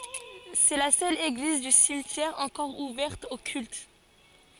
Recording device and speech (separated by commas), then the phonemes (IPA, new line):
forehead accelerometer, read sentence
sɛ la sœl eɡliz dy simtjɛʁ ɑ̃kɔʁ uvɛʁt o kylt